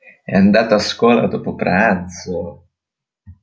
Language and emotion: Italian, surprised